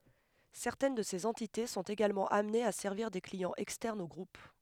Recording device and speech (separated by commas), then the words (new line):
headset microphone, read sentence
Certaines de ces entités sont également amenées à servir des clients externes au groupe.